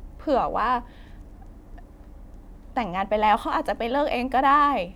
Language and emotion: Thai, sad